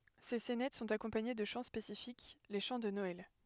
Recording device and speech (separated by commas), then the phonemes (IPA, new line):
headset microphone, read sentence
se sɛnɛt sɔ̃t akɔ̃paɲe də ʃɑ̃ spesifik le ʃɑ̃ də nɔɛl